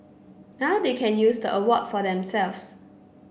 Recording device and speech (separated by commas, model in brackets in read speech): boundary microphone (BM630), read sentence